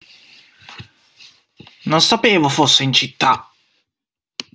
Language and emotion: Italian, angry